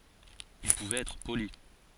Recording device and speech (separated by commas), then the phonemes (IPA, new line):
forehead accelerometer, read sentence
il puvɛt ɛtʁ poli